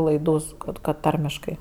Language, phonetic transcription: Lithuanian, laiˈdų su ˈkad kad ˈtarmiškai

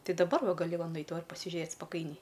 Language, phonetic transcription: Lithuanian, ˈtai daˈbar ˈva gaˈli ˈva ˈnait ˈva pasiˈžėt spaˈkainiai

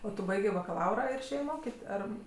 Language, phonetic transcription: Lithuanian, o ˈtu ˈbaigė bakaˈlaura ir išˈėjė ˈmokit ˈar

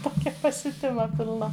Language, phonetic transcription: Lithuanian, ˈtokia pasiuˈtima pilˈna

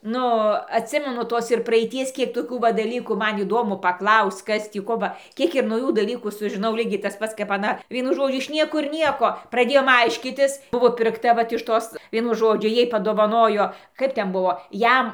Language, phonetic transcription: Lithuanian, ˈnu atˈsimenu ˈtos ir praeiˈties ˈkiek toˈkių ˈva daˈlykų ˈman įˈdomu pakˈlaus'c' ˈkas ˈtį ˈko ba ˈkiek ir nauˈjų daˈlykų sužiˈnau ˈlygiai tas ˈpats kap aˈna ˈvienu ˈžodžiu iš ˈniekur ˈnieko praˈdėjom ˈaiškytis ˈbuvo pirkˈta ˈvat iš ˈtos ˈvienu ˈžodžiu ˈjai padovaˈnojo ˈkaip ˈten ˈbuvo ˈjam

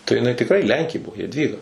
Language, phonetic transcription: Lithuanian, tai jiˈnai tikˈrai ˈlenkė ˈbuo jadˈvyga

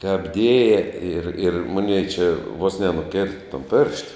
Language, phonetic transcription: Lithuanian, kap ˈdėja ir ir ˈmonei čia vos nenuˈkėrta ton pėršt

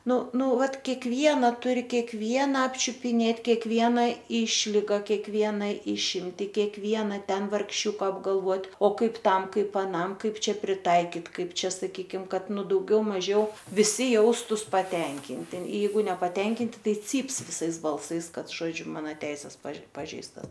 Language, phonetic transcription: Lithuanian, ˈnu ˈnu ˈvat kekˈviena ˈturi kekˈviena apčiupiˈnėt' kekˈviena ˈišliga kekˈvieną išˈimti kekˈviena ˈten vargˈšiuka apgalˈvot' o ˈkaip ˈtam ˈkaip aˈnam ˈkaip ˈčia priˈtaikit ˈkaip ˈčia saˈkykim ˈkad ˈnu dauˈgiau maˈžiau viˈsi ˈjaustus paˈtenkinti ˈjeigu nepaˈtenkinti ˈtai ˈcyps viˈsais balˈsais ˈkad žoˈdžiu ˈmano ˈteises paž ˈpažeistas

